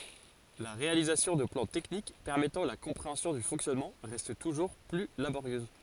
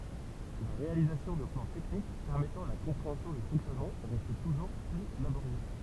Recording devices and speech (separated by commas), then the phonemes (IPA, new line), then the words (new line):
forehead accelerometer, temple vibration pickup, read sentence
la ʁealizasjɔ̃ də plɑ̃ tɛknik pɛʁmɛtɑ̃ la kɔ̃pʁeɑ̃sjɔ̃ dy fɔ̃ksjɔnmɑ̃ ʁɛst tuʒuʁ ply laboʁjøz
La réalisation de plans techniques permettant la compréhension du fonctionnement reste toujours plus laborieuse.